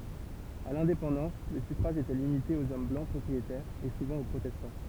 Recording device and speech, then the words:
temple vibration pickup, read sentence
À l'indépendance, le suffrage était limité aux hommes blancs propriétaires, et souvent aux protestants.

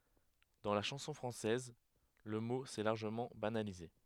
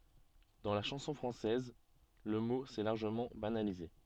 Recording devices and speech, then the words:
headset microphone, soft in-ear microphone, read sentence
Dans la chanson française, le mot s'est largement banalisé.

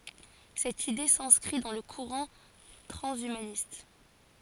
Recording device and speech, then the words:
forehead accelerometer, read sentence
Cette idée s'inscrit dans le courant transhumaniste.

